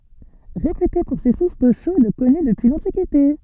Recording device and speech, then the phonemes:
soft in-ear microphone, read sentence
ʁepyte puʁ se suʁs do ʃod kɔny dəpyi lɑ̃tikite

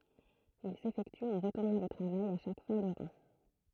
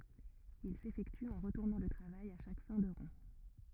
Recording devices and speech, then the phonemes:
throat microphone, rigid in-ear microphone, read sentence
il sefɛkty ɑ̃ ʁətuʁnɑ̃ lə tʁavaj a ʃak fɛ̃ də ʁɑ̃

